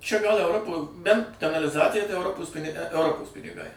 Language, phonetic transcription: Lithuanian, čia gal euˈropo bent kanaliˈzacija tai euˈropos pini euˈropos piniˈgai

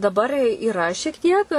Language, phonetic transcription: Lithuanian, daˈbar yˈra šiek ˈtiek

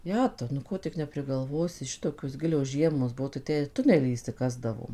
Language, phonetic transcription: Lithuanian, ˈjetau nu ˈko tik nepriˈgalvosi ˈšitokios ˈgilios ˈžiemos ˈbuo tai ˈtę ir ˈtunelį išsiˈkasdavom

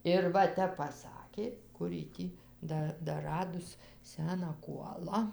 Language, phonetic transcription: Lithuanian, ir ˈva ˈtep paˈsakė ˈkur ji ˈtį ˈda daˈradus ˈseną ˈkuola

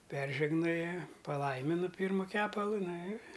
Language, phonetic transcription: Lithuanian, ˈperžegnoja paˈlaiminu ˈpyrmu ˈkepalu ˈna ir

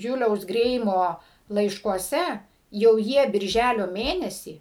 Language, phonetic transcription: Lithuanian, ˈjuliaus ˈgreimo laiškuoˈse jau ˈjie birˈžælio ˈmėnesį

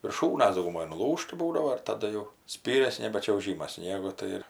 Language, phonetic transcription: Lithuanian, virˈšūnas dauguˈmoj nuˈlūžta ˈbūdavo ir taˈda jau ˈspyrias ˈnebe čiauˈžymas ˈsniegu ˈtai ir

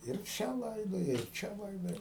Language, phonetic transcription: Lithuanian, ir ˈčia ˈlaidoja ir ˈčia ˈlaidoja

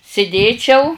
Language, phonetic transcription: Lithuanian, siˈdėčiau

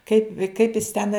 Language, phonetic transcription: Lithuanian, kaip kaip jis ten

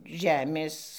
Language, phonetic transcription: Lithuanian, ˈžemės

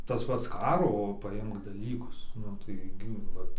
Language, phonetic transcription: Lithuanian, tas ˈpats ˈkaro paˈimk daˈlykus ˈnu tai ˈgi ˈvat

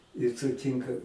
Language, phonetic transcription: Lithuanian, i suˈtynka

